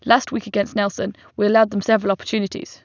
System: none